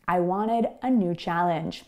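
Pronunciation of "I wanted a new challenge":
In 'wanted', the T is muted, so it almost sounds like there's no T at all. This is the American English way of saying it.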